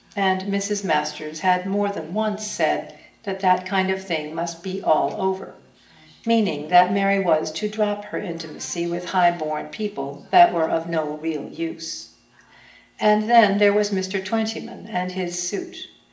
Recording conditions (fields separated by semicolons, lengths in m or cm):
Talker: one person; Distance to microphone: 1.8 m; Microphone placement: close; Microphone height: 1.0 m; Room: large; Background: television